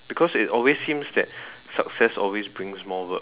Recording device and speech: telephone, conversation in separate rooms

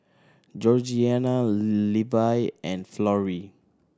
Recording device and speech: standing microphone (AKG C214), read sentence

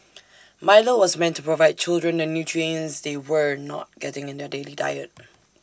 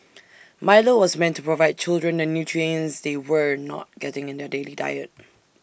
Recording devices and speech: standing microphone (AKG C214), boundary microphone (BM630), read sentence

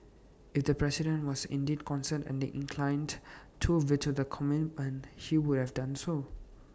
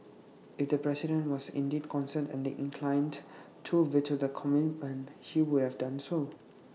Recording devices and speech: standing microphone (AKG C214), mobile phone (iPhone 6), read sentence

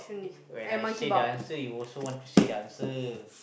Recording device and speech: boundary microphone, conversation in the same room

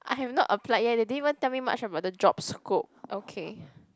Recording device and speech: close-talking microphone, conversation in the same room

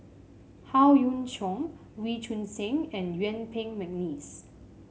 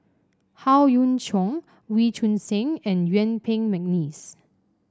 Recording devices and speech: mobile phone (Samsung C5), standing microphone (AKG C214), read sentence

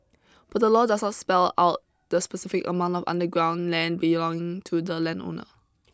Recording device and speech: close-talking microphone (WH20), read sentence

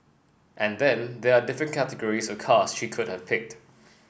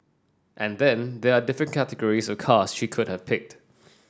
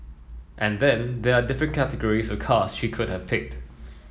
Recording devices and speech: boundary microphone (BM630), standing microphone (AKG C214), mobile phone (iPhone 7), read sentence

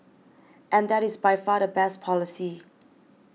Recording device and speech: mobile phone (iPhone 6), read sentence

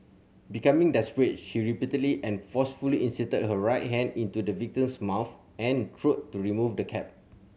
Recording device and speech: mobile phone (Samsung C7100), read sentence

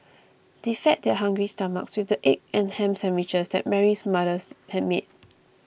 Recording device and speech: boundary microphone (BM630), read sentence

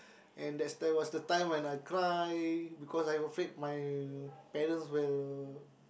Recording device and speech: boundary microphone, conversation in the same room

